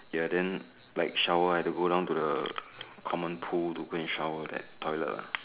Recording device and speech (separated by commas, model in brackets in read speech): telephone, conversation in separate rooms